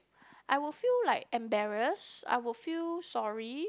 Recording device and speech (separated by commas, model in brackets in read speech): close-talking microphone, conversation in the same room